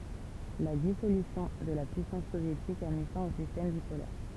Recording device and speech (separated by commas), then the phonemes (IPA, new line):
temple vibration pickup, read sentence
la disolysjɔ̃ də la pyisɑ̃s sovjetik a mi fɛ̃ o sistɛm bipolɛʁ